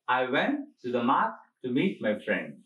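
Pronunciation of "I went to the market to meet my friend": The sentence is said in short chunks with pauses between them: 'I went', 'to the market', 'to meet', 'my friend'.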